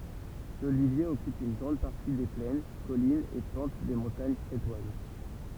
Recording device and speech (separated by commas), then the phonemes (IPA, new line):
temple vibration pickup, read sentence
lolivje ɔkyp yn ɡʁɑ̃d paʁti de plɛn kɔlinz e pɑ̃t de mɔ̃taɲ kʁetwaz